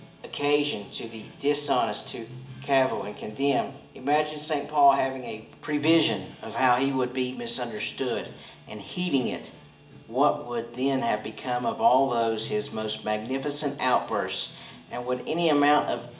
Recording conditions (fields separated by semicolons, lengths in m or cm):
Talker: one person; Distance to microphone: 1.8 m; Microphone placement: close; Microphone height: 1.0 m; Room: large; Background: music